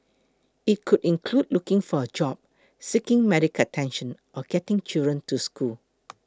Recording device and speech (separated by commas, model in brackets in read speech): close-talking microphone (WH20), read sentence